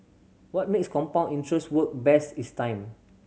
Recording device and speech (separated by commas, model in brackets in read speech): mobile phone (Samsung C7100), read sentence